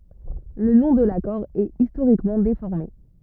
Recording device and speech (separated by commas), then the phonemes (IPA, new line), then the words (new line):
rigid in-ear microphone, read sentence
lə nɔ̃ də lakɔʁ ɛt istoʁikmɑ̃ defɔʁme
Le nom de l'accord est historiquement déformé.